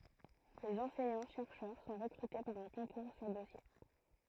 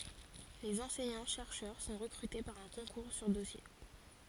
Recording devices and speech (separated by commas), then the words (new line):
throat microphone, forehead accelerometer, read sentence
Les enseignants-chercheurs sont recrutés par un concours sur dossier.